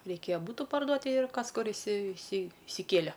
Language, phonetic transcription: Lithuanian, reiˈkėja ˈbūtu parˈduot ti ir ˈkas ˈkur isi isi isiˈkėle

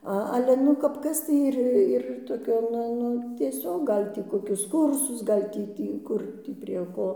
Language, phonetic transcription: Lithuanian, ˈa ˈale ˈnu kap ˈkas tai ˈir ir toˈkio ˈnu ˈnu tieˈsiog ˈgal' tį ˈkokius ˈkursus ˈgal' tį ˈtį ˈkur tį prie ˈko

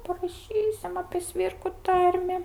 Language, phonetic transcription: Lithuanian, paraˈšysim apė ˈsvirku ˈtarmi

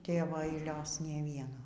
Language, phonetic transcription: Lithuanian, ˈtėvo aiˈlios ˈnė ˈvieno

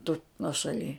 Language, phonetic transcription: Lithuanian, tu nuošaˈly

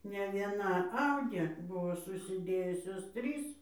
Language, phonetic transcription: Lithuanian, ne vieˈna ˈaudė ˈbuvo susiˈdėjusios ˈtrys

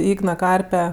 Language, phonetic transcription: Lithuanian, ˈygna ˈkarpe

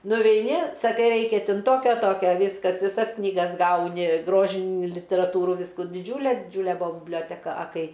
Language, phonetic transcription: Lithuanian, nuveiˈni saˈkai ˈraikia ˈtin ˈtokio ˈtokio ˈvyskas viˈsas knyˈgas ˈgauni ˈgrožin literaˈtūrų ˈvysku diˈdžiūle diˈdžiūle ˈbua biblioteˈka a ˈkai

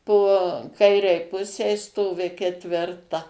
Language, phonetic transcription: Lithuanian, po ˈkairei ˈpusei ˈstovi ketvirˈta

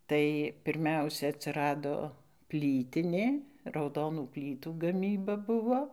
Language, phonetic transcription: Lithuanian, ˈtai pirˈmiausia atsiˈrado ˈplytinė rauˈdonų ˈplytų gaˈmyba ˈbuvo

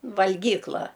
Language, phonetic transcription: Lithuanian, valˈgykla

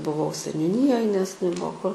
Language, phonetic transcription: Lithuanian, buˈvau seniuˈnyjoj nes neˈbuo kur

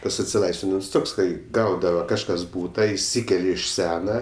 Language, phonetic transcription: Lithuanian, ˈtas atsiˈlaisvinims ˈtoks ˈkai ˈgaudava kažˈkas ˈbūta išˈsykelia iš ˈsena

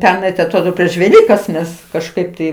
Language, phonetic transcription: Lithuanian, ˈpernai tai atˈrodo prieš veˈlykas ˈmes kažˈkaip tai

